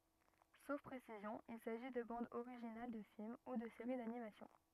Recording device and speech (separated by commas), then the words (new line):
rigid in-ear microphone, read sentence
Sauf précision, il s'agit de bandes originales de films ou de série d'animation.